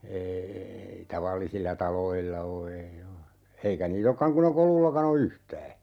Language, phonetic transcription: Finnish, 'eei eei , 'tavallisilla "taloilla 'o ei "oo , 'eikä nii"t ‿okkaŋ kun ‿e 'Kolullakan ‿o "yhtää .
- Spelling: ei ei tavallisilla taloilla ole ei ole eikä niitä olekaan kun ei Kolullakaan ole yhtään

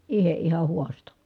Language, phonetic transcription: Finnish, iheʼ ʼiha huasto .
- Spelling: itse ihan haastoi

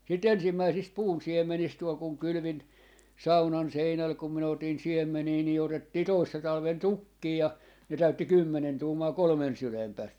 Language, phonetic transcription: Finnish, si"t ‿ensimmäisist "puun'siem̆menist 'tuol kuŋ 'kylʸvin , "saunan 'seinäl 'kum minä 'otin "siemmenii ni 'otettii "toissa 'talven "tukkii ja , ne 'täytti "kymmenen 'tuumaa "kolᵒmen 'sylem pääst .
- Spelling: siitä ensimmäisistä puunsiemenistä tuolla kun kylvin saunan seinälle kun minä otin siemeniä niin otettiin toissa talvena tukkeja ja ne täytti kymmenen tuumaa kolmen sylen päästä

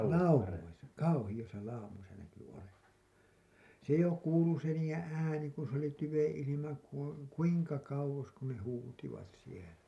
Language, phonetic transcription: Finnish, laumoisa , 'kauhiʲosa 'laumosa näky olevan̬ , 'se jo "kuulu se niijeḛ "ääni kun̬ s ‿oli 'tyveḛ 'ilima kuu- , "kuiŋka 'kauwos kun ne 'huutivat sielä .
- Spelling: laumoissa kauheissa laumoissa näkyi olevan se jo kuului se niiden ääni kun se oli tyven ilma - kuinka kauas kun ne huusivat siellä

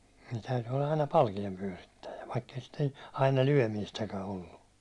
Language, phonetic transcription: Finnish, nii täyty olla aina 'palkiempyäₒrittäjä , vaikk ‿ei sittᴇɴ , aina "lyäₒmiistäkä ollu .
- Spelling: niin täytyi olla aina palkeenpyörittäjä vaikka ei sitten aina lyömistäkään ollut

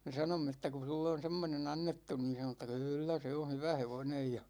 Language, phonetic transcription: Finnish, me 'sanomme että » ku 'sulle on̬ 'semmone'n ‿annettu « niin̬ sano että » "kyllä 'se on̬ 'hyvä "hevonej « ja .
- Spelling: me sanoimme että kun sinulle on semmoinen annettu niin sanoi että kyllä se on hyvä hevonen ja

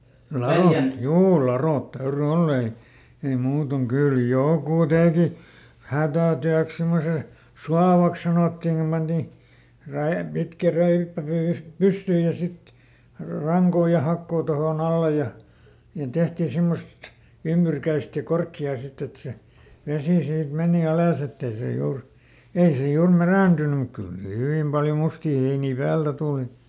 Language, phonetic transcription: Finnish, ˈlarot , ˈjuu "laròt ˈtäyry ˈoll ‿ei , ei ˈmuutoŋ ˈkyl "jòkù "tèki , ˈhätä̀tyäks semmose , "suavaks sanòttiŋ kum ˈpanti , ˈräe- , ˈpitkä ˈräippä ˈpy- , "pystyyj ja ˈsit , ˈraŋkoo ja ˈhakkoo tohòˈn ‿alle ja , niin ˈtehtii ˈsimmost , "ymByrkäist ja ˈkorkki₍aa ˈsit ‿et se , ˈvesì siit ˈmenì "alàs ‿ett ‿ei ˈse ˈjuur , "ei se ˈjuur "märä̀ntynym muk ˈkyl sii "hyvìm paljo ˈmustii heinii ˈpäältä ˈtùli .
- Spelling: ladot juu ladot täytyi olla ei ei muuten kyllä joku teki hätätyöksi semmoisen suovaksi sanottiin kun pantiin - pitkä räippä - pystyyn ja sitten rankaa ja hakaa tuohon alle ja niin tehtiin semmoista ymmyrkäistä ja korkeaa sitten että se vesi siitä meni alas että ei se juuri ei se juuri mädäntynyt mutta kyllä siinä hyvin paljon mustia heiniä päältä tuli

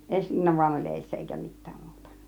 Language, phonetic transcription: Finnish, eśliina vaĭn oĺ "eeⁱssä , èikä "mit̆tääm 'muuta .
- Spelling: esiliina vain oli edessä eikä mitään muuta

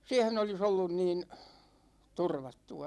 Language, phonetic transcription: Finnish, 'siɛhen ‿oli's ‿ollun niin , "turvattu₍a .
- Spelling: siihen olisi ollut niin turvattua

